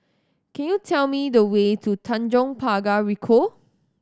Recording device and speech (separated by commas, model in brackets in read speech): standing microphone (AKG C214), read sentence